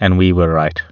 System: none